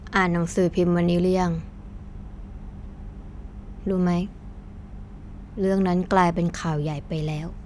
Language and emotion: Thai, frustrated